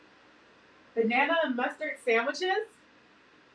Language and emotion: English, neutral